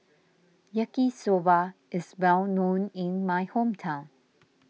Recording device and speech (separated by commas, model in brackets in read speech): mobile phone (iPhone 6), read sentence